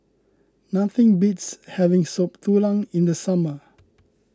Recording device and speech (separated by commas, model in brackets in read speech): close-talking microphone (WH20), read sentence